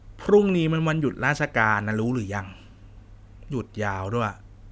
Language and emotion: Thai, frustrated